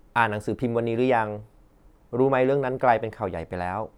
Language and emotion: Thai, neutral